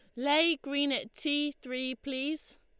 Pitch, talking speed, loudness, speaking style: 280 Hz, 150 wpm, -31 LUFS, Lombard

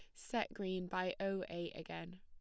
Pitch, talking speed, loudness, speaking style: 175 Hz, 180 wpm, -42 LUFS, plain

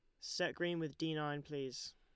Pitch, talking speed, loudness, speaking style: 150 Hz, 205 wpm, -41 LUFS, Lombard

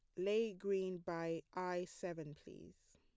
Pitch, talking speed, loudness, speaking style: 180 Hz, 135 wpm, -42 LUFS, plain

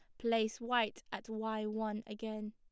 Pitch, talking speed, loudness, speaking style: 220 Hz, 155 wpm, -38 LUFS, plain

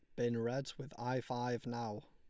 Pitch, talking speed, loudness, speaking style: 120 Hz, 195 wpm, -40 LUFS, Lombard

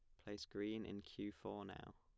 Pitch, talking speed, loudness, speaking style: 105 Hz, 205 wpm, -50 LUFS, plain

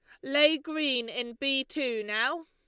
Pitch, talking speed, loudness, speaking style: 275 Hz, 160 wpm, -27 LUFS, Lombard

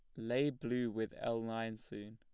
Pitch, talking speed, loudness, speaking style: 115 Hz, 190 wpm, -39 LUFS, plain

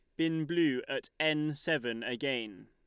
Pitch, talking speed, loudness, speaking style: 150 Hz, 145 wpm, -33 LUFS, Lombard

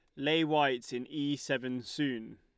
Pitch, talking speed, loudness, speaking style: 140 Hz, 165 wpm, -33 LUFS, Lombard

